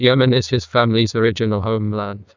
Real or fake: fake